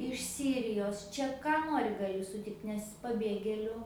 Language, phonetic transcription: Lithuanian, iš ˈsyrijos ˈčia ˈką ˈnori gaˈli suˈtikt nes paˈbėgėliu

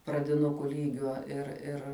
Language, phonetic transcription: Lithuanian, pradiˈnuku ˈlygio ir ˈir

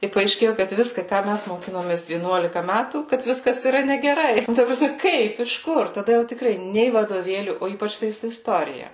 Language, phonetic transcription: Lithuanian, i paaišˈkėju kad viska ką ˈmæs moˈkinomės vieˈnuolika ˈmætų kad ˈviskas yˈra negeˈrai ta praˈsme ˈkaip iš ˈkur taˈda jau tiˈkrai ˈnei vadoˈvėlių o ˈypač tai su isˈtorija

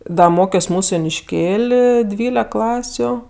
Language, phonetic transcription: Lithuanian, ˈda ˈmokios ˈmūsu jonišˈkėl' ˈdvylek ˈklasiu

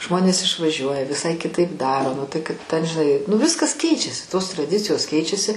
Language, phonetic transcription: Lithuanian, ˈžmonės išvaˈžiuoja viˈsai kiˈtaip ˈdaro ˈnu tai kad ˈten žiˈnai nuˈviskas ˈkeičiasi tos traˈdicijos ˈkeičiasi

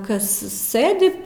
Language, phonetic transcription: Lithuanian, ˈkas ˈsɘdi

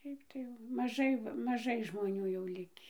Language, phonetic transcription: Lithuanian, ˈšiaip tai jau maˈžai va maˈžai žmoˈnių jau ˈlikį

